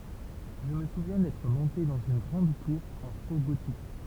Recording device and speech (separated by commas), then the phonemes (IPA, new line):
temple vibration pickup, read sentence
ʒə mə suvjɛ̃ dɛtʁ mɔ̃te dɑ̃z yn ɡʁɑ̃d tuʁ ɑ̃ fo ɡotik